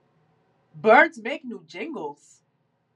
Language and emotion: English, disgusted